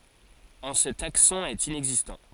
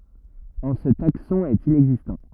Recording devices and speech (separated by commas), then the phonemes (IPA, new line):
forehead accelerometer, rigid in-ear microphone, read sentence
ɑ̃ sə taksɔ̃ ɛt inɛɡzistɑ̃